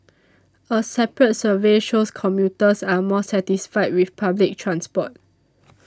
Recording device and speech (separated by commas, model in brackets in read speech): standing microphone (AKG C214), read sentence